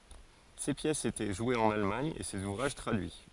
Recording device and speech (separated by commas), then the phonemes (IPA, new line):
forehead accelerometer, read sentence
se pjɛsz etɛ ʒwez ɑ̃n almaɲ e sez uvʁaʒ tʁadyi